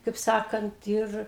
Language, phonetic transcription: Lithuanian, kaip ˈsakant ˈir

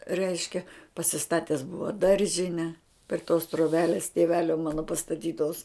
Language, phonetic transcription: Lithuanian, ˈreiškia pasiˈstates ˈbuva ˈdaržine pri tos troˈbelės tėˈvelio ˈmano pastaˈtytos

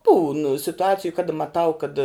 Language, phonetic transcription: Lithuanian, būn situˈaciju kada maˈtau kad

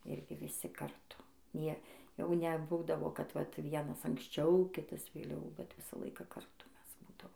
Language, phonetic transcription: Lithuanian, ˈirgi viˈsi karˈtu ˈnie ˈjau neˈbūdavo kad vat ˈvienas anksˈčiau ˈkitas vėˈliau bet ˈvisą ˈlaiką karˈtu ˈmes ˈbūdavom

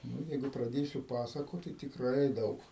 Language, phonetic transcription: Lithuanian, ˈnu ˈjeigu praˈdėsiu ˈpasakot tai tikˈrai ˈdaug

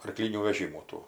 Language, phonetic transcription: Lithuanian, arˈklynių veˈžymų ˈtų

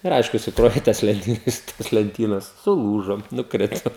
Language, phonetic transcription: Lithuanian, ir ˈaišku suˈkrovė i ˈtas lenˈtynas tos lenˈtynas suˈlūžo nukˈrito

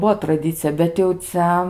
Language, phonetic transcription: Lithuanian, ˈbuo traˈdicija bet jau ˈcia

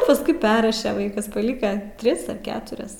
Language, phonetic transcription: Lithuanian, pasˈkui ˈperraše ˈvaikas paˈlika ˈtris ar ˈketurias

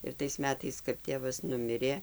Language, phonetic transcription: Lithuanian, ir tais ˈmetais kap ˈtėvas ˈnumirė

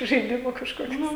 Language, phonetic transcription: Lithuanian, žaiˈdimų kažkoˈkius

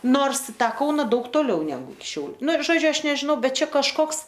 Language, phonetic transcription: Lithuanian, ˈnors i ˈtą ˈkauna ˈdaug toˈliau neˈgu iki ˈšiauliu ˈnu žoˈdžiu ˈaš nežiˈnau ˈbet ˈčia kažˈkoks

